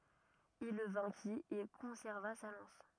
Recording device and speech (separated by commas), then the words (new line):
rigid in-ear microphone, read sentence
Il le vainquit et conserva sa lance.